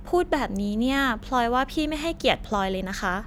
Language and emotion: Thai, frustrated